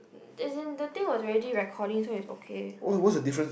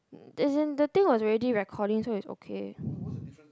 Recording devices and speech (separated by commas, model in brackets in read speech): boundary microphone, close-talking microphone, conversation in the same room